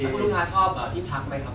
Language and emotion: Thai, neutral